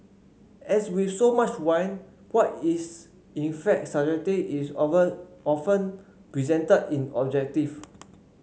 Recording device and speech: mobile phone (Samsung C5), read sentence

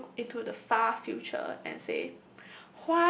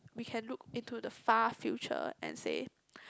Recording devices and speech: boundary microphone, close-talking microphone, conversation in the same room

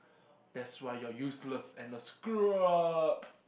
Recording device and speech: boundary microphone, conversation in the same room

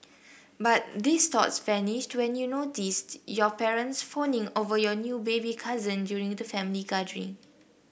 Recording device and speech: boundary microphone (BM630), read sentence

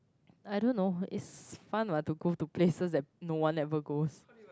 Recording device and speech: close-talking microphone, conversation in the same room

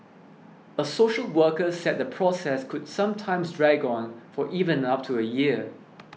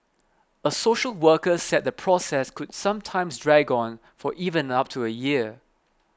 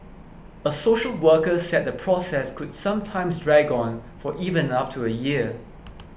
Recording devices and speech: mobile phone (iPhone 6), close-talking microphone (WH20), boundary microphone (BM630), read sentence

